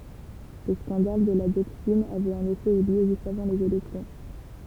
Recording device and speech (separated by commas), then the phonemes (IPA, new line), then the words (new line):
temple vibration pickup, read sentence
lə skɑ̃dal də la djoksin avɛt ɑ̃n efɛ y ljø ʒyst avɑ̃ lez elɛksjɔ̃
Le scandale de la dioxine avait en effet eu lieu juste avant les élections.